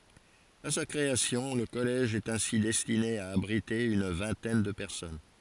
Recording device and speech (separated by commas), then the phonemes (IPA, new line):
forehead accelerometer, read sentence
a sa kʁeasjɔ̃ lə kɔlɛʒ ɛt ɛ̃si dɛstine a abʁite yn vɛ̃tɛn də pɛʁsɔn